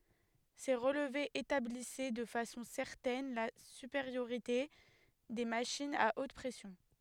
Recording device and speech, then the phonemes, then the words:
headset microphone, read sentence
se ʁəlvez etablisɛ də fasɔ̃ sɛʁtɛn la sypeʁjoʁite de maʃinz a ot pʁɛsjɔ̃
Ces relevés établissaient de façon certaine la supériorité des machines à haute pression.

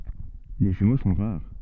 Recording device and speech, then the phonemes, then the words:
soft in-ear microphone, read sentence
le ʒymo sɔ̃ ʁaʁ
Les jumeaux sont rares.

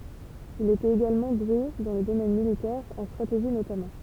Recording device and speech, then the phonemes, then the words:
temple vibration pickup, read sentence
il etɛt eɡalmɑ̃ dwe dɑ̃ lə domɛn militɛʁ ɑ̃ stʁateʒi notamɑ̃
Il était également doué dans le domaine militaire, en stratégie notamment.

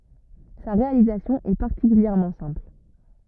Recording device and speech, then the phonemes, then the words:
rigid in-ear microphone, read sentence
sa ʁealizasjɔ̃ ɛ paʁtikyljɛʁmɑ̃ sɛ̃pl
Sa réalisation est particulièrement simple.

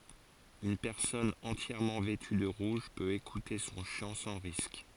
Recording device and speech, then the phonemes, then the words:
forehead accelerometer, read sentence
yn pɛʁsɔn ɑ̃tjɛʁmɑ̃ vɛty də ʁuʒ pøt ekute sɔ̃ ʃɑ̃ sɑ̃ ʁisk
Une personne entièrement vêtue de rouge peut écouter son chant sans risque.

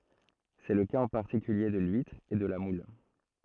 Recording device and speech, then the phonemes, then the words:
throat microphone, read sentence
sɛ lə kaz ɑ̃ paʁtikylje də lyitʁ e də la mul
C'est le cas en particulier de l'huître et de la moule.

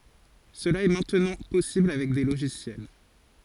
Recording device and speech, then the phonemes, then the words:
forehead accelerometer, read sentence
səla ɛ mɛ̃tnɑ̃ pɔsibl avɛk de loʒisjɛl
Cela est maintenant possible avec des logiciels.

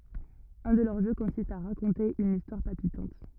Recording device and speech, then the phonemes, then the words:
rigid in-ear microphone, read sentence
œ̃ də lœʁ ʒø kɔ̃sist a ʁakɔ̃te yn istwaʁ palpitɑ̃t
Un de leurs jeux consiste à raconter une histoire palpitante.

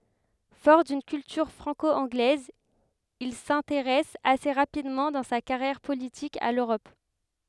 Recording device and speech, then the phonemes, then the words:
headset microphone, read sentence
fɔʁ dyn kyltyʁ fʁɑ̃ko ɑ̃ɡlɛz il sɛ̃teʁɛs ase ʁapidmɑ̃ dɑ̃ sa kaʁjɛʁ politik a løʁɔp
Fort d'une culture franco-anglaise, il s'intéresse assez rapidement dans sa carrière politique à l'Europe.

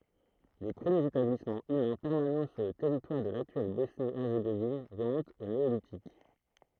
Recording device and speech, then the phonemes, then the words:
throat microphone, read sentence
le pʁəmjez etablismɑ̃ ymɛ̃ pɛʁmanɑ̃ syʁ lə tɛʁitwaʁ də laktyɛl bɔsni ɛʁzeɡovin ʁəmɔ̃tt o neolitik
Les premiers établissement humains permanent sur le territoire de l'actuelle Bosnie-Herzégovine remontent au Néolithique.

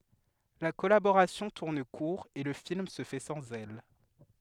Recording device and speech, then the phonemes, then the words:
headset microphone, read sentence
la kɔlaboʁasjɔ̃ tuʁn kuʁ e lə film sə fɛ sɑ̃z ɛl
La collaboration tourne court et le film se fait sans elle.

